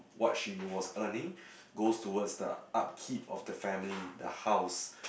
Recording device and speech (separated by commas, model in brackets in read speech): boundary microphone, conversation in the same room